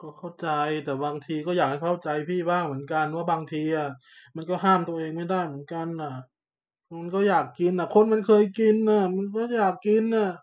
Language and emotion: Thai, sad